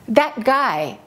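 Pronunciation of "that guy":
In 'that guy', the t at the end of 'that' is held before the g sound. It is not dropped completely.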